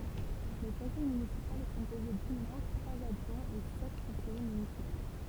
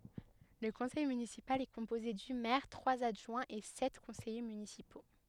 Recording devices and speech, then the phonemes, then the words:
temple vibration pickup, headset microphone, read sentence
lə kɔ̃sɛj mynisipal ɛ kɔ̃poze dy mɛʁ tʁwaz adʒwɛ̃z e sɛt kɔ̃sɛje mynisipo
Le conseil municipal est composé du maire, trois adjoints et sept conseillers municipaux.

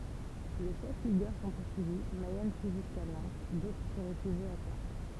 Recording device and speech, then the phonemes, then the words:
temple vibration pickup, read sentence
le ʃɛf liɡœʁ sɔ̃ puʁsyivi mɛjɛn fyi ʒyska nɑ̃t dotʁ sə ʁefyʒit a ʃaʁtʁ
Les chefs ligueurs sont poursuivis, Mayenne fuit jusqu’à Nantes, d’autres se réfugient à Chartres.

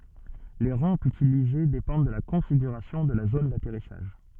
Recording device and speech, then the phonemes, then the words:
soft in-ear microphone, read sentence
le ʁɑ̃pz ytilize depɑ̃d də la kɔ̃fiɡyʁasjɔ̃ də la zon datɛʁisaʒ
Les rampes utilisées dépendent de la configuration de la zone d'atterrissage.

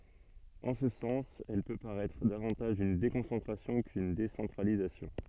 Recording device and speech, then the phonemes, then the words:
soft in-ear microphone, read sentence
ɑ̃ sə sɑ̃s ɛl pø paʁɛtʁ davɑ̃taʒ yn dekɔ̃sɑ̃tʁasjɔ̃ kyn desɑ̃tʁalizasjɔ̃
En ce sens, elle peut paraître davantage une déconcentration qu'une décentralisation.

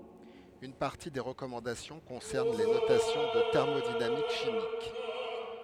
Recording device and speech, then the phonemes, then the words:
headset microphone, read sentence
yn paʁti de ʁəkɔmɑ̃dasjɔ̃ kɔ̃sɛʁn le notasjɔ̃z ɑ̃ tɛʁmodinamik ʃimik
Une partie des recommandations concerne les notations en thermodynamique chimique.

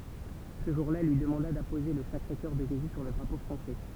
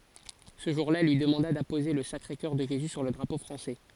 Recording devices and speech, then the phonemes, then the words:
temple vibration pickup, forehead accelerometer, read sentence
sə ʒuʁ la ɛl lyi dəmɑ̃da dapoze lə sakʁe kœʁ də ʒezy syʁ lə dʁapo fʁɑ̃sɛ
Ce jour-là, elle lui demanda d'apposer le Sacré-Coeur de Jésus sur le drapeau français.

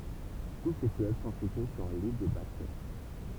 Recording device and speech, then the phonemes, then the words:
temple vibration pickup, read sentence
tu se fløv sɔ̃ sitye syʁ lil də bas tɛʁ
Tous ces fleuves sont situés sur l'île de Basse-Terre.

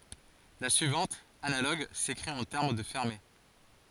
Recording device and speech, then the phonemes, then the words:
forehead accelerometer, read sentence
la syivɑ̃t analoɡ sekʁit ɑ̃ tɛʁm də fɛʁme
La suivante, analogue, s'écrit en termes de fermés.

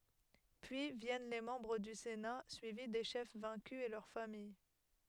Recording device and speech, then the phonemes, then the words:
headset microphone, read sentence
pyi vjɛn le mɑ̃bʁ dy sena syivi de ʃɛf vɛ̃ky e lœʁ famij
Puis viennent les membres du Sénat, suivis des chefs vaincus et leurs familles.

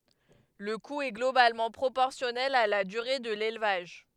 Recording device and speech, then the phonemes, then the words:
headset microphone, read sentence
lə ku ɛ ɡlobalmɑ̃ pʁopɔʁsjɔnɛl a la dyʁe də lelvaʒ
Le coût est globalement proportionnel à la durée de l'élevage.

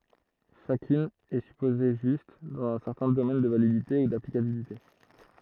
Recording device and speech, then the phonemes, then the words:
throat microphone, read sentence
ʃakyn ɛ sypoze ʒyst dɑ̃z œ̃ sɛʁtɛ̃ domɛn də validite u daplikabilite
Chacune est supposée juste, dans un certain domaine de validité ou d'applicabilité.

